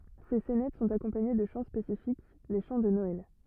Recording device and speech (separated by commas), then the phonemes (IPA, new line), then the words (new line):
rigid in-ear microphone, read sentence
se sɛnɛt sɔ̃t akɔ̃paɲe də ʃɑ̃ spesifik le ʃɑ̃ də nɔɛl
Ces saynètes sont accompagnées de chants spécifiques, les chants de Noël.